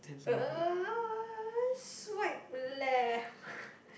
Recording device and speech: boundary microphone, conversation in the same room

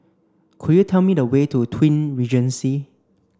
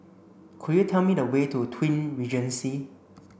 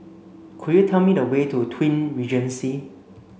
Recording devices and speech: standing microphone (AKG C214), boundary microphone (BM630), mobile phone (Samsung C5), read sentence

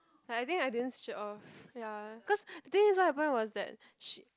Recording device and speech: close-talking microphone, conversation in the same room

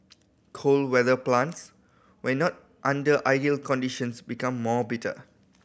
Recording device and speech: boundary microphone (BM630), read sentence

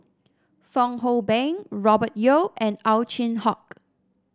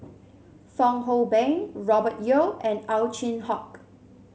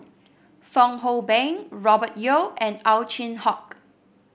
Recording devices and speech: standing microphone (AKG C214), mobile phone (Samsung C7), boundary microphone (BM630), read sentence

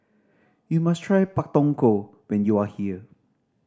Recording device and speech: standing microphone (AKG C214), read sentence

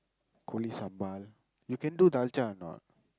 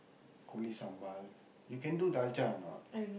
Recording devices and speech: close-talking microphone, boundary microphone, conversation in the same room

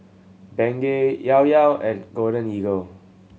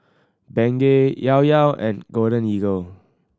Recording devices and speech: mobile phone (Samsung C7100), standing microphone (AKG C214), read sentence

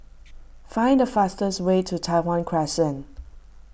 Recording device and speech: boundary microphone (BM630), read sentence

